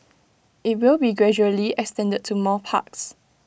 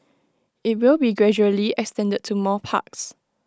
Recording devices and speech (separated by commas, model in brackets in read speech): boundary microphone (BM630), close-talking microphone (WH20), read sentence